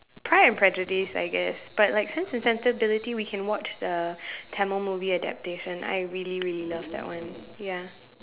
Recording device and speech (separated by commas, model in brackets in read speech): telephone, conversation in separate rooms